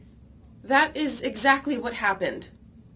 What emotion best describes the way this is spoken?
angry